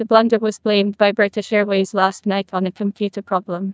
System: TTS, neural waveform model